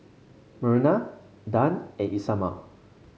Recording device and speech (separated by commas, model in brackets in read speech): mobile phone (Samsung C5), read sentence